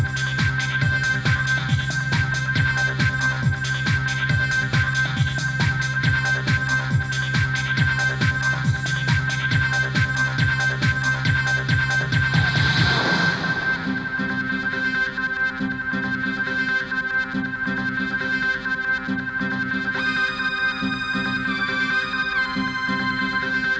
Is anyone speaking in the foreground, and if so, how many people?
No one.